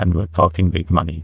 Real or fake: fake